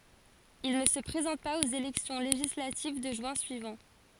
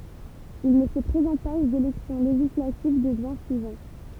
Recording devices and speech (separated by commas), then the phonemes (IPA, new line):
forehead accelerometer, temple vibration pickup, read sentence
il nə sə pʁezɑ̃t paz oz elɛksjɔ̃ leʒislativ də ʒyɛ̃ syivɑ̃